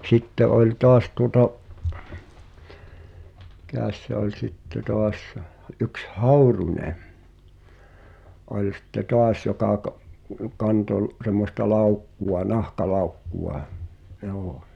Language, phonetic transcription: Finnish, 'sitte ’ol' 'toas tuŏta , "Mikä̀s se ‿oĺ sitte 'toas sᴇʰ , ’yks "Hauruńe ’oĺ sⁱtte "toas jokà ka’- , 'kanto n- , sem̆mosta "làukku₍a "nahka'làukkuʷa , joo .
- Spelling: sitten oli taas tuota mikäs se oli sitten taas se yksi Häyrynen oli sitten taas joka - kantoi - semmoista laukkua nahkalaukkua joo

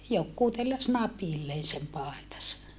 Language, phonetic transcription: Finnish, jokkuu telläs napilleen̬ sem paetas(a) .
- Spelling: joku telläsi napilleen sen paitansa

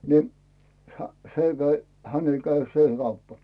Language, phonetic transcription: Finnish, ni , hä , 'se käi , 'häne käi "sè (kauppᴀ) .
- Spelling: niin - se kävi hänelle kävi se kauppa

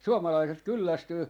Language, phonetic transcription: Finnish, 'suomalaiset 'kyllästyy ,.
- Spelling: suomalaiset kyllästyy

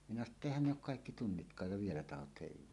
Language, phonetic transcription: Finnish, minä sano ‿tta » "`èihän ne ‿ok "kaikki "tunnitk̀aaj ja "vielä tahot 'hèiv̀uuta « .
- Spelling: minä sanoin että eihän ne ole kaikki tunnitkaan ja vielä tahdot heivata

